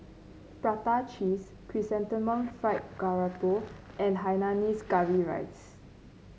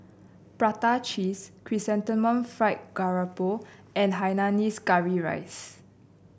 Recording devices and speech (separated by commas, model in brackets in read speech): mobile phone (Samsung C9), boundary microphone (BM630), read sentence